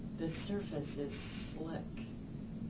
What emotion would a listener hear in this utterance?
neutral